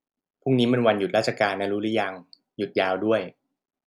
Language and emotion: Thai, neutral